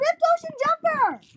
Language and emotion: English, happy